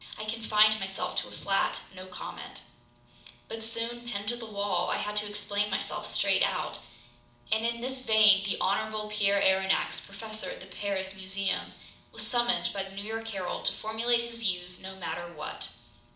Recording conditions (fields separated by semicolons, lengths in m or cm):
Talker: one person; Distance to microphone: 2.0 m; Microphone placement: close; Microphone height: 99 cm; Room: medium-sized (5.7 m by 4.0 m); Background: none